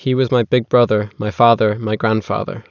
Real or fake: real